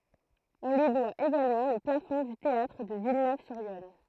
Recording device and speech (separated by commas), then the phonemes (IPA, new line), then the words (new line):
throat microphone, read sentence
ɔ̃ lyi dwa eɡalmɑ̃ lə plafɔ̃ dy teatʁ də vilnøvzyʁjɔn
On lui doit également le plafond du théâtre de Villeneuve-sur-Yonne.